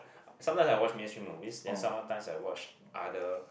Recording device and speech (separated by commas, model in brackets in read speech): boundary microphone, conversation in the same room